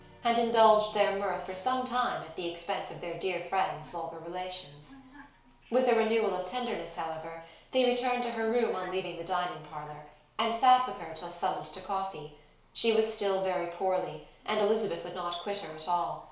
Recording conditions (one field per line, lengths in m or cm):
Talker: one person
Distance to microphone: 1.0 m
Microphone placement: close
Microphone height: 1.1 m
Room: small (3.7 m by 2.7 m)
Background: television